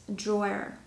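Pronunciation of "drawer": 'Drawer' is said the American way, sounding like 'draw' followed by 'air'.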